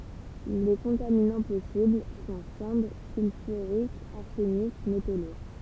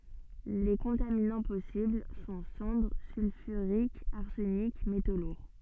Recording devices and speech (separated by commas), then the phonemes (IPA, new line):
temple vibration pickup, soft in-ear microphone, read sentence
le kɔ̃taminɑ̃ pɔsibl sɔ̃ sɑ̃dʁ sylfyʁikz aʁsənik meto luʁ